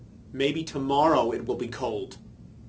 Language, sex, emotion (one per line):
English
male
neutral